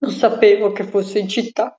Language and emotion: Italian, sad